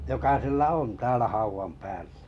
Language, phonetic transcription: Finnish, joka 'sillä "on täälä 'hauvam päällä .
- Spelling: joka sillä on täällä haudan päällä

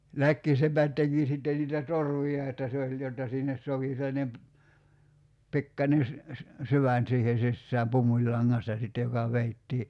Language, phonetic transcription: Finnish, 'läkkisepät 'teki sitten niitä "torv̆vi₍a että se oĺ jotta sinnes 'sov̳§i sellanem ‿p- , 'pikkańe se- , "syvän̳§ siihen̬ 'sissääm "pummuĺlaŋŋasta 'sitte joka 'veittii ,.
- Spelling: läkkisepät teki sitten niitä torvia että se oli jotta sinne sopi sellainen - pikkuinen - syvään siihen sisään pumpulilangasta sitten joka vedettiin

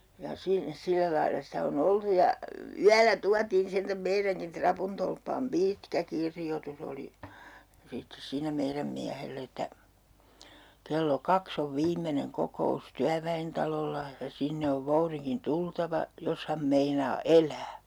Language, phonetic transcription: Finnish, ja 'si- , 'sillä lailla sitä o'n ‿oltu ja , y- , "yälä 'tuatiin sentäm 'meiräŋkin 'trapuntolppaam "piitkä 'kirjotus ‿oli , 'sittes siinä 'meiräm 'miähell ‿että , » kello "kaks ‿ov 'viimmeneŋ 'koko₍us "tyävä₍entalolla , ja 'sinne ov 'vouriŋkin "tultava , 'jos ham 'meinaa "el̀ää » .
- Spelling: ja - sillä lailla sitä on oltu ja - yöllä tuotiin sentään meidänkin rapuntolppaan pitkä kirjoitus oli sitten siinä meidän miehelle että kello kaksi on viimeinen kokous työväentalolla ja sinne on voudinkin tultava jos hän meinaa elää

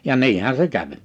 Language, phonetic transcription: Finnish, ja 'niihä se 'käv .
- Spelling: ja niinhän se kävi

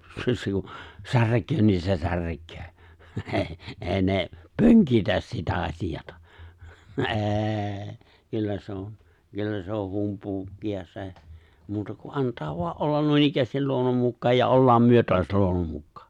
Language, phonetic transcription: Finnish, se- siu- 'särk̀öö nii se 'särk̀öö '’ee , '’ee ne , "pöŋkitäs sitä 'aśijata , '’ê̬ , 'kyllä se̬ on , 'kyllä se on 'humpuukki₍a 'se̬ , muuta ku '’ant̀aa voa’ '’ollan 'nuinikkäästil 'luonnom mukkaaj ja '’ollaam 'myö toas 'luonnom 'mukkᴀᴀ .
- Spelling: - - särkee niin se särkee ei ei ne pönkitä sitä asiaa ei kyllä se on kyllä se on humpuukia se muuta kuin antaa vain olla noinikään luonnon mukaan ja ollaan me taas luonnon mukaan

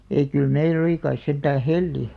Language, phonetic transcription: Finnish, 'ei kyl "meil ‿oli kais 'sentää "helli .
- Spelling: ei kyllä meillä oli kai sentään hella

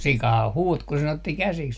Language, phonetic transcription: Finnish, "sikaha 'huut ku sen otti 'käsiks .
- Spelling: sikahan huusi kun sen otti käsiksi

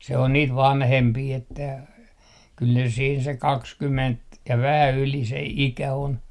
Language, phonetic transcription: Finnish, se on niit "vanhempii että , kyl ne siin se "kakskyment , ja 'vähä 'yli se 'ikä 'on .
- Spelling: se on niitä vanhempia että kyllä ne siinä se kaksikymmentä ja vähän yli se ikä on

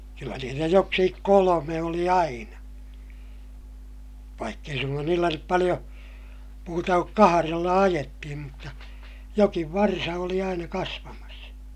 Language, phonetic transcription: Finnish, kyllä niitä joksikik kolome oli aina , vaikk ‿ei suŋkan niillä nyp paliʲo , muuta kuk kaharella ajettihim mutta , jokiv varsa oli aina kasvamas .
- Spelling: kyllä niitä joksikin kolme oli aina vaikka ei suinkaan niillä nyt paljon muuta kuin kahdella ajettiin mutta jokin varsa oli aina kasvamassa

